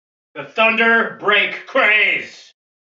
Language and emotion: English, angry